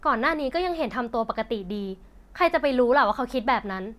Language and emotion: Thai, frustrated